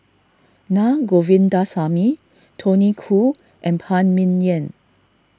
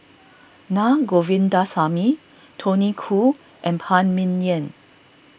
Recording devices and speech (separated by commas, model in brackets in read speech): standing microphone (AKG C214), boundary microphone (BM630), read sentence